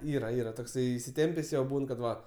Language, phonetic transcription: Lithuanian, ˈyra ˈyra tokˈsai isiˈtempės' ˈjo ˈbūn kad ˈva

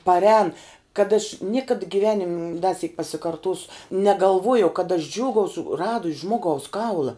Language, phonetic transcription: Lithuanian, parˈēn kad aš ˈniekad giˈvenim' da syk pasikarˈtosu negalˈvojau kad aš ˈdžiūgausu ˈradus' ˈžmogaus ˈkaula

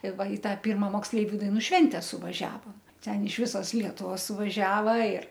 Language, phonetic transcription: Lithuanian, i ˈva i ˈtą ˈpirma moksˈleiviu daiˈnų ˈšvente suvaˈžiavom ˈten iš ˈvisos ˈlietuvos suvaˈžiava ir

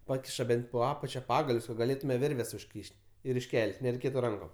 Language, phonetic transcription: Lithuanian, ˈpakiša ˈben't' po ˈapačia ˈpagalius kad gaˈlėtume ˈvirves užˈkyš't' ir išˈkel't' nereiˈkėtu ˈrankom

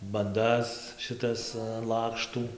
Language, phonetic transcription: Lithuanian, banˈdas šiˈtas an ˈlakštų

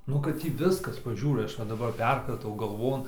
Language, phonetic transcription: Lithuanian, ˈnu kad ˈtį ˈviskas paˈžiūrai ˈaš va daˈbar ˈperkratau galˈvon

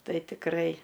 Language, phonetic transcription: Lithuanian, ˈtai tikˈrai

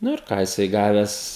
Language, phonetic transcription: Lithuanian, ˈnu ir ˈką jiˈsai ˈgaves

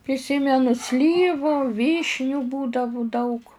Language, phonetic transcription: Lithuanian, priˈsymenu ˈslyvu ˈvyšniu ˈbūdavu daug

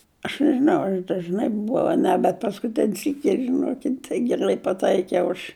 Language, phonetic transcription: Lithuanian, aš nežiˈnau ar aš dažˈnai buˈvau a ˈne bet paskuˈtin' syk' kiek žiˈnokit' tai gerˈlai paˈtaikiau aš

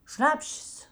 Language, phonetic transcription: Lithuanian, ˈšnapšės

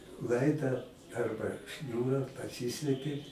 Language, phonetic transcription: Lithuanian, ˈlaida ˈarba ˈšniūra paˈsyslepi

